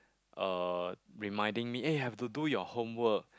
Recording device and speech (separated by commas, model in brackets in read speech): close-talking microphone, conversation in the same room